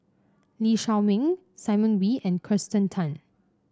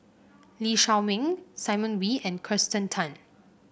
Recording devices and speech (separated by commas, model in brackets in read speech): standing microphone (AKG C214), boundary microphone (BM630), read sentence